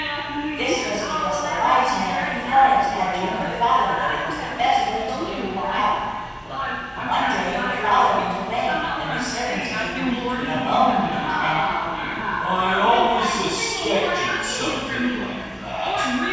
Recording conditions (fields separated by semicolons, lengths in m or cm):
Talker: one person; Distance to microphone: 7.1 m; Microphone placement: far; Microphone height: 1.7 m; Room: very reverberant, large; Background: television